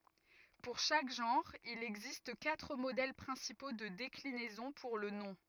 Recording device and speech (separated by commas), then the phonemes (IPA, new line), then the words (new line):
rigid in-ear microphone, read sentence
puʁ ʃak ʒɑ̃ʁ il ɛɡzist katʁ modɛl pʁɛ̃sipo də deklinɛzɔ̃ puʁ lə nɔ̃
Pour chaque genre, il existe quatre modèles principaux de déclinaison pour le nom.